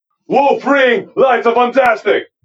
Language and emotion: English, happy